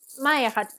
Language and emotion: Thai, neutral